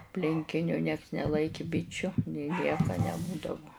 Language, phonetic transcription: Lithuanian, aplinˈkiniu nieks neˈlaiki ˈbičiu nė ˈnieka neˈbūdavu

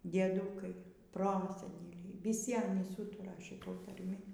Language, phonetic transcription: Lithuanian, dieˈdūkai ˈproseneliai viˈsi ˈanys ˈūtura šiˈtuoj tarˈmi

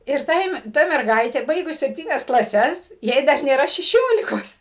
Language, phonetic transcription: Lithuanian, ir ˈtaim ˈta merˈgaitė ˈbaigus sepˈtynias klaˈses ˈjai dar nėˈra šeˈšiolikos

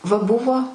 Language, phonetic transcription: Lithuanian, va ˈbuvo

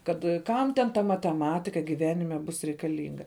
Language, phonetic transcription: Lithuanian, ˈkad ˈkam ten ta mateˈmatika giˈvenime ˈbus reikaˈlynga

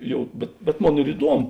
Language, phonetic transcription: Lithuanian, ˈjau bet bet ˈmon ir iˈduomu

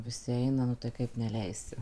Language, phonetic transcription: Lithuanian, viˈsi ˈeina nu tai ˈkaip neˈleisi

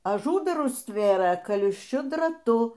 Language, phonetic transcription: Lithuanian, aˈžūdarus ˈtvėrɘ kalɨšˈčiu draˈtu

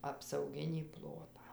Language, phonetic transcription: Lithuanian, apsauˈginį ˈplotą

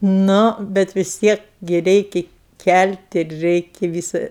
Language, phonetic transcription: Lithuanian, ˈnu bet vis ˈtiek gi ˈreiki ˈkælt' ir ˈreiki ˈvysa

